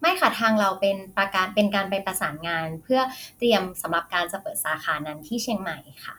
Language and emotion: Thai, neutral